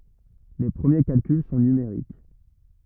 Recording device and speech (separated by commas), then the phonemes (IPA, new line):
rigid in-ear microphone, read sentence
le pʁəmje kalkyl sɔ̃ nymeʁik